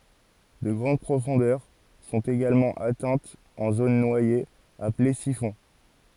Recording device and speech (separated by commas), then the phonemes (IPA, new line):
forehead accelerometer, read sentence
də ɡʁɑ̃d pʁofɔ̃dœʁ sɔ̃t eɡalmɑ̃ atɛ̃tz ɑ̃ zon nwajez aple sifɔ̃